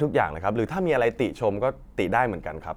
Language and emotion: Thai, neutral